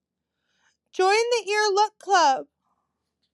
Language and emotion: English, sad